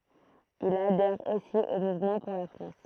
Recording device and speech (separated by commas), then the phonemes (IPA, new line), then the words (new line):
throat microphone, read sentence
il adɛʁ osi o muvmɑ̃ puʁ la fʁɑ̃s
Il adhère aussi au Mouvement pour la France.